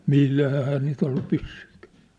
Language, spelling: Finnish, millähän eihän niitä ollut pyssyjäkään
- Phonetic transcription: millähä [ei]hää niit ‿ollu 'pyssyikᴀ̈ᴀ̈ .

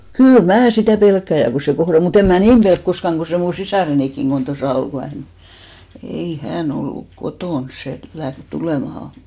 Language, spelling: Finnish, kyllä minä sitä pelkään ja kun se kohdalla on mutta en minä niin pelkää koskaan kun se minun sisarenikin kun tuossa oli kun hän ei hän ollut kotona se lähti tulemaan
- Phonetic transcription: kyl 'mää sitä̀ 'pelkkä̀ ja ku se 'kohra'l ‿o , mu't ‿eᵐ 'mää "niim pelk 'koskaŋ ɢo 'se mu 'sisàrenikkiŋ ɢon 'tosà 'ol ku 'hän , 'ei "hän 'olluk "kotòns 'se läht 'tulèmaha .

